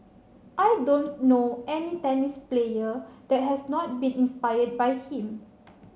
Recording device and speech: mobile phone (Samsung C7), read sentence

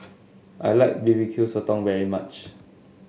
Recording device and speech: mobile phone (Samsung S8), read sentence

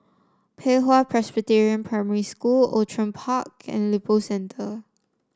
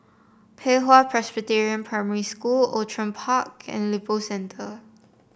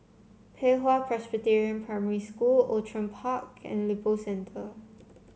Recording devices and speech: standing microphone (AKG C214), boundary microphone (BM630), mobile phone (Samsung C7), read sentence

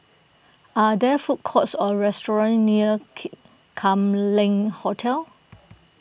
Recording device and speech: boundary microphone (BM630), read sentence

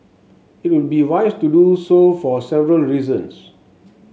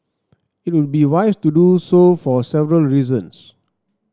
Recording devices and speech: mobile phone (Samsung S8), standing microphone (AKG C214), read sentence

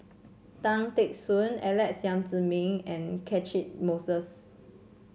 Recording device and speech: mobile phone (Samsung C7), read sentence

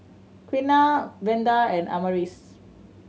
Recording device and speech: mobile phone (Samsung C7100), read sentence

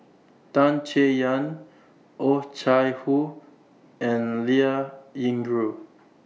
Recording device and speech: mobile phone (iPhone 6), read sentence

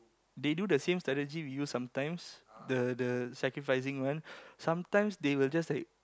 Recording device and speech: close-talking microphone, conversation in the same room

